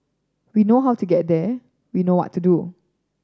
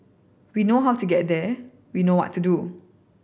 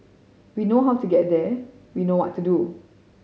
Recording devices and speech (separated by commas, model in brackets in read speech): standing microphone (AKG C214), boundary microphone (BM630), mobile phone (Samsung C5010), read sentence